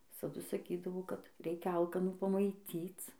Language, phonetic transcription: Lithuanian, visaˈdu saˈkydavo kad ˈreikia ˈalkanų pamaiˈtyc

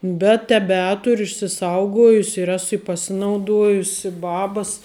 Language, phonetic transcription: Lithuanian, bet teˈbeturiu išsiˈsaugojusi ir ˈesu i paˈsinauˌduojusi ˈbabas

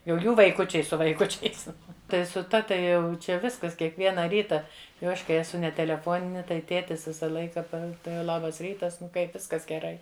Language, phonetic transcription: Lithuanian, jau ˈjų vaiˈkučiai su vaiˈkučiais ˈtai su ˈta tai ˈjau ˈčia ˈviskas kiekˈviena ˈryta jau ˈaš kai eˈsu ne teleˈfonini tai ˈtėtis ˈvisa ˈlaika ˈpa tai ˈlabas ˈrytas ˈnu ˈkaip ˈviskas geˈrai

